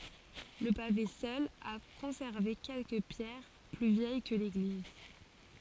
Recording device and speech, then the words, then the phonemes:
forehead accelerometer, read sentence
Le pavé seul a conservé quelques pierres plus vieilles que l'église.
lə pave sœl a kɔ̃sɛʁve kɛlkə pjɛʁ ply vjɛj kə leɡliz

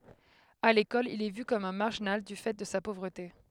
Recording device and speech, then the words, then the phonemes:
headset microphone, read sentence
À l'école, il est vu comme un marginal du fait de sa pauvreté.
a lekɔl il ɛ vy kɔm œ̃ maʁʒinal dy fɛ də sa povʁəte

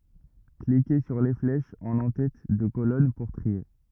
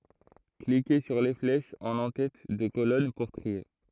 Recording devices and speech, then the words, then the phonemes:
rigid in-ear microphone, throat microphone, read sentence
Cliquez sur les flèches en entête de colonnes pour trier.
klike syʁ le flɛʃz ɑ̃n ɑ̃tɛt də kolɔn puʁ tʁie

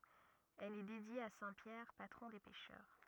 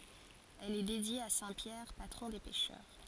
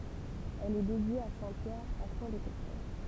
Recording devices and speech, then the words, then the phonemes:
rigid in-ear microphone, forehead accelerometer, temple vibration pickup, read sentence
Elle est dédiée à saint Pierre, patron des pêcheurs.
ɛl ɛ dedje a sɛ̃ pjɛʁ patʁɔ̃ de pɛʃœʁ

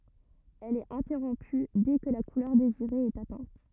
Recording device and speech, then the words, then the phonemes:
rigid in-ear microphone, read sentence
Elle est interrompue dès que la couleur désirée est atteinte.
ɛl ɛt ɛ̃tɛʁɔ̃py dɛ kə la kulœʁ deziʁe ɛt atɛ̃t

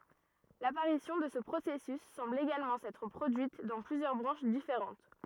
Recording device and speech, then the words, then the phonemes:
rigid in-ear microphone, read sentence
L'apparition de ce processus semble également s'être produite dans plusieurs branches différentes.
lapaʁisjɔ̃ də sə pʁosɛsys sɑ̃bl eɡalmɑ̃ sɛtʁ pʁodyit dɑ̃ plyzjœʁ bʁɑ̃ʃ difeʁɑ̃t

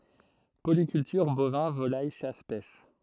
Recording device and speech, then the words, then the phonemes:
throat microphone, read sentence
Polyculture, bovins, volaille, chasse, pêche.
polikyltyʁ bovɛ̃ volaj ʃas pɛʃ

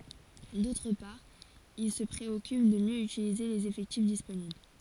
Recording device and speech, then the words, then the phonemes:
forehead accelerometer, read sentence
D'autre part il se préoccupe de mieux utiliser les effectifs disponibles.
dotʁ paʁ il sə pʁeɔkyp də mjø ytilize lez efɛktif disponibl

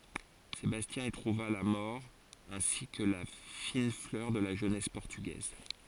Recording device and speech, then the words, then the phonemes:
forehead accelerometer, read sentence
Sébastien y trouva la mort ainsi que la fine fleur de la jeunesse portugaise.
sebastjɛ̃ i tʁuva la mɔʁ ɛ̃si kə la fin flœʁ də la ʒønɛs pɔʁtyɡɛz

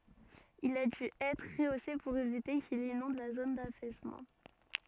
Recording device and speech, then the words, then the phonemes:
soft in-ear microphone, read sentence
Il a dû être rehaussé pour éviter qu'il inonde la zone d'affaissement.
il a dy ɛtʁ ʁəose puʁ evite kil inɔ̃d la zon dafɛsmɑ̃

